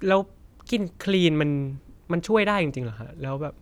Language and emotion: Thai, neutral